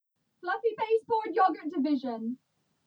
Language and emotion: English, sad